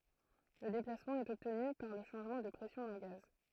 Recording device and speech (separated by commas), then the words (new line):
throat microphone, read sentence
Le déplacement est obtenu par le changement de pression d'un gaz.